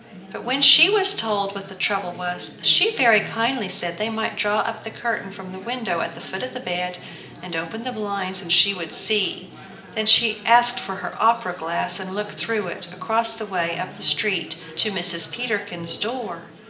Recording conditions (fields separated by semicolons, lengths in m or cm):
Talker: one person; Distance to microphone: 1.8 m; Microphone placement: close; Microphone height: 1.0 m; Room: large; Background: babble